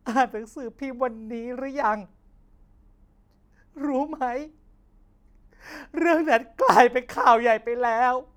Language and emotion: Thai, sad